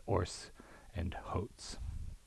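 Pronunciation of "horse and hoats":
The h in 'horse' is dropped, and an intrusive h is added at the start of 'oats', so it sounds like 'hoats'.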